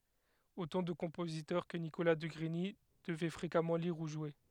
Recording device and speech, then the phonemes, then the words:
headset microphone, read sentence
otɑ̃ də kɔ̃pozitœʁ kə nikola də ɡʁiɲi dəvɛ fʁekamɑ̃ liʁ u ʒwe
Autant de compositeurs que Nicolas de Grigny devait fréquemment lire ou jouer.

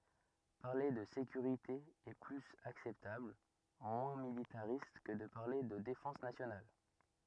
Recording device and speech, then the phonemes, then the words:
rigid in-ear microphone, read sentence
paʁle də sekyʁite ɛ plyz aksɛptabl mwɛ̃ militaʁist kə də paʁle də defɑ̃s nasjonal
Parler de sécurité est plus acceptable, moins militariste que de parler de défense nationale.

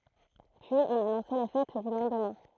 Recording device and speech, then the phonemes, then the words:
throat microphone, read sentence
pyiz ɔ̃n anɔ̃sɛ le fɛt dy lɑ̃dmɛ̃
Puis on annonçait les fêtes du lendemain.

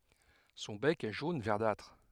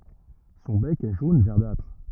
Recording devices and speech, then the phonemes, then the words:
headset microphone, rigid in-ear microphone, read sentence
sɔ̃ bɛk ɛ ʒon vɛʁdatʁ
Son bec est jaune verdâtre.

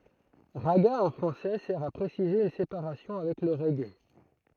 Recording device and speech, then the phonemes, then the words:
throat microphone, read sentence
ʁaɡa ɑ̃ fʁɑ̃sɛ sɛʁ a pʁesize yn sepaʁasjɔ̃ avɛk lə ʁɛɡe
Ragga en français sert à préciser une séparation avec le reggae.

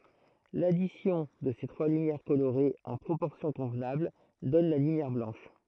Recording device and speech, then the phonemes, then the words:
throat microphone, read sentence
ladisjɔ̃ də se tʁwa lymjɛʁ koloʁez ɑ̃ pʁopɔʁsjɔ̃ kɔ̃vnabl dɔn la lymjɛʁ blɑ̃ʃ
L'addition de ces trois lumières colorées en proportions convenables donne la lumière blanche.

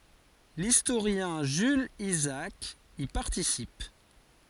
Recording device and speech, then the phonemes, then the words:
forehead accelerometer, read sentence
listoʁjɛ̃ ʒylz izaak i paʁtisip
L'historien Jules Isaac y participe.

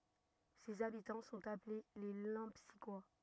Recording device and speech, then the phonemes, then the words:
rigid in-ear microphone, read sentence
sez abitɑ̃ sɔ̃t aple le lɑ̃psikwa
Ses habitants sont appelés les Lempsiquois.

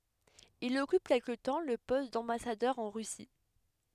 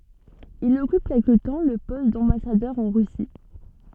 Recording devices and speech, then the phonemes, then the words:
headset microphone, soft in-ear microphone, read sentence
il ɔkyp kɛlkə tɑ̃ lə pɔst dɑ̃basadœʁ ɑ̃ ʁysi
Il occupe quelque temps le poste d'ambassadeur en Russie.

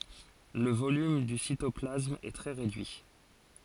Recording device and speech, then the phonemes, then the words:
forehead accelerometer, read sentence
lə volym dy sitɔplasm ɛ tʁɛ ʁedyi
Le volume du cytoplasme est très réduit.

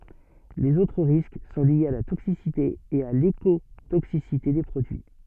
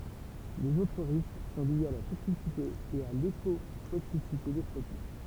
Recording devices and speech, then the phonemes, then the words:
soft in-ear microphone, temple vibration pickup, read sentence
lez otʁ ʁisk sɔ̃ ljez a la toksisite e a lekotoksisite de pʁodyi
Les autres risques sont liés à la toxicité et à l’écotoxicité des produits.

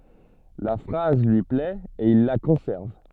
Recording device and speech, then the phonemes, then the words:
soft in-ear microphone, read sentence
la fʁaz lyi plɛt e il la kɔ̃sɛʁv
La phrase lui plait et il la conserve.

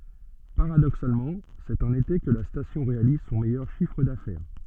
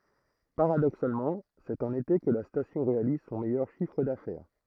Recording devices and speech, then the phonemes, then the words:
soft in-ear microphone, throat microphone, read sentence
paʁadoksalmɑ̃ sɛt ɑ̃n ete kə la stasjɔ̃ ʁealiz sɔ̃ mɛjœʁ ʃifʁ dafɛʁ
Paradoxalement, c'est en été que la station réalise son meilleur chiffre d'affaires.

